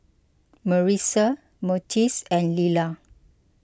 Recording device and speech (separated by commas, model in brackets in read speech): close-talking microphone (WH20), read sentence